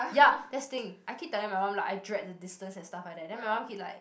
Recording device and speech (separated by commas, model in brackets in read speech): boundary microphone, conversation in the same room